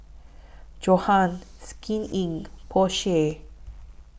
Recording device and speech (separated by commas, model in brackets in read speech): boundary microphone (BM630), read sentence